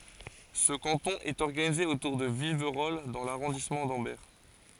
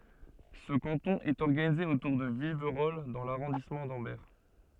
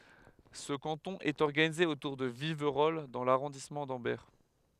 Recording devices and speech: forehead accelerometer, soft in-ear microphone, headset microphone, read sentence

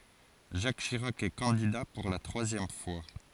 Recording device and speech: forehead accelerometer, read sentence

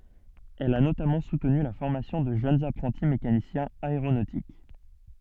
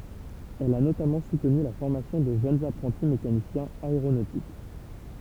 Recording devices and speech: soft in-ear microphone, temple vibration pickup, read sentence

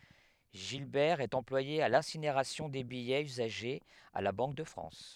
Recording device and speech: headset microphone, read sentence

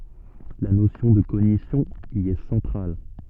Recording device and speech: soft in-ear microphone, read sentence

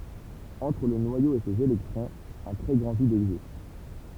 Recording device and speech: temple vibration pickup, read sentence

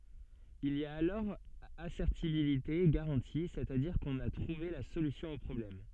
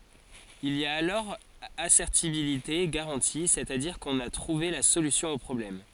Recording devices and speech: soft in-ear microphone, forehead accelerometer, read sentence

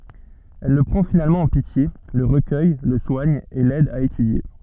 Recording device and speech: soft in-ear microphone, read sentence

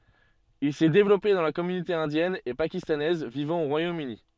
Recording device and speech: soft in-ear microphone, read sentence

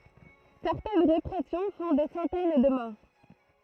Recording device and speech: throat microphone, read sentence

